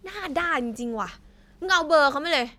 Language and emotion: Thai, angry